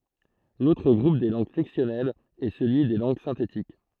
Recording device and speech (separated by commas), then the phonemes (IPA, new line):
throat microphone, read sentence
lotʁ ɡʁup de lɑ̃ɡ flɛksjɔnɛlz ɛ səlyi de lɑ̃ɡ sɛ̃tetik